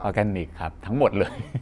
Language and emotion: Thai, happy